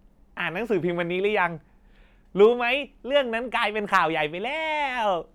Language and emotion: Thai, happy